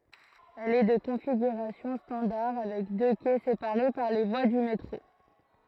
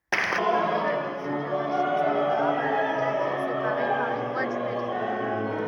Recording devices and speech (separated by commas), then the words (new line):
throat microphone, rigid in-ear microphone, read sentence
Elle est de configuration standard avec deux quais séparés par les voies du métro.